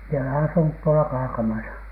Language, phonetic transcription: Finnish, mie olen asunut tuola "Kaakamasa .
- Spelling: minä olen asunut tuolla Kaakamassa

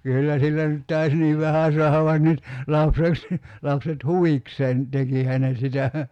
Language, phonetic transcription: Finnish, 'kyyllä sillä nyt 'tais niiv "vähä suahav vain 'nyt , 'lapse(t) , 'lapset "huvikseen , 'tekihä ne sitä .
- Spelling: kyllä sillä nyt taisi niin vähän saada vain nyt lapset lapset huvikseen tekihän ne sitä

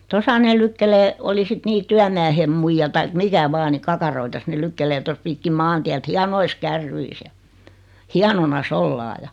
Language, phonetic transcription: Finnish, 'tosa ne 'lykkelee , oli 'sit "nii 'tyämmäähem 'muijja taik 'mikä 'vaa ni 'kakaroitas ne 'lykkelee tos 'pi(k)kim "maantiät 'hianois "kärryis ja , 'hianona"s ‿ollaa ja .
- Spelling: tuossa ne lykkii oli sitten niin työmiehen muija tai mikä vain niin kakaroita ne lykkäilee tuossa pitkin maantietä hienoissa kärryissä ja hienona ollaan ja

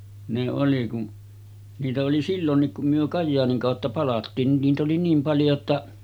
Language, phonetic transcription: Finnish, ne oli kun , 'niitä oli "sillonnik kum myö 'Kajjaaniŋ kàotta 'palattiin nin niit ‿oli niim paljo ‿tta ,.
- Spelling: ne oli kun niitä oli silloinkin kun me Kajaanin kautta palattiin niin niitä oli niin paljon jotta

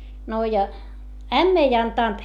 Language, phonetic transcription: Finnish, no ja , ämm ‿ei antànt .
- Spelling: no ja ämmä ei antanut

